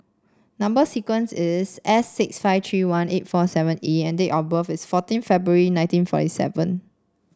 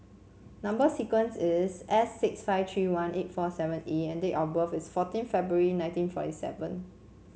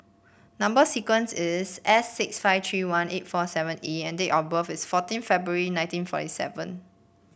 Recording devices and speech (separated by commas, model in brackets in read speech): standing microphone (AKG C214), mobile phone (Samsung C7), boundary microphone (BM630), read sentence